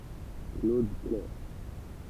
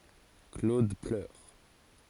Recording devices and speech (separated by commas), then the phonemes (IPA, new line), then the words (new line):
temple vibration pickup, forehead accelerometer, read sentence
klod plœʁ
Claude pleure.